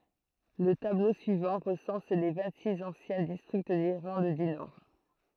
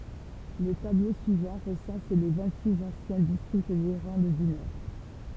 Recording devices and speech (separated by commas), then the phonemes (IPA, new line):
throat microphone, temple vibration pickup, read sentence
lə tablo syivɑ̃ ʁəsɑ̃s le vɛ̃ɡtsiks ɑ̃sjɛ̃ distʁikt diʁlɑ̃d dy nɔʁ